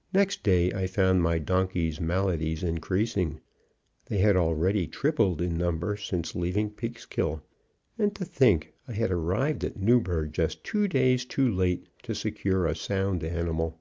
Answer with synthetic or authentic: authentic